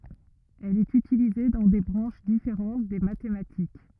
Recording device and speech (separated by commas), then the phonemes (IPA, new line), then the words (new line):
rigid in-ear microphone, read sentence
ɛl ɛt ytilize dɑ̃ de bʁɑ̃ʃ difeʁɑ̃t de matematik
Elle est utilisée dans des branches différentes des mathématiques.